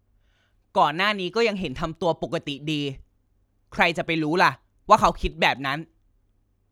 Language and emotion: Thai, frustrated